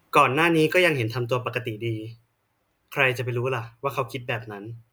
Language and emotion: Thai, neutral